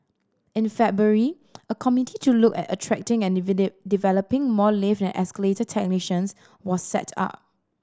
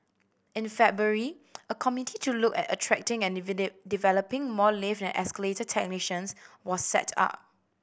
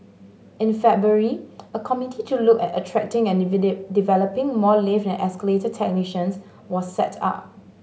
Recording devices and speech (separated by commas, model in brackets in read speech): standing microphone (AKG C214), boundary microphone (BM630), mobile phone (Samsung S8), read sentence